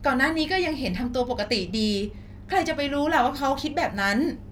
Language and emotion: Thai, neutral